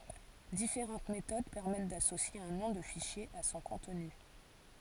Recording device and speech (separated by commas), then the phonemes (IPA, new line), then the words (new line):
forehead accelerometer, read sentence
difeʁɑ̃t metod pɛʁmɛt dasosje œ̃ nɔ̃ də fiʃje a sɔ̃ kɔ̃tny
Différentes méthodes permettent d'associer un nom de fichier à son contenu.